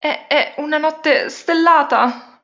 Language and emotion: Italian, fearful